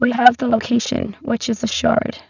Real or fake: fake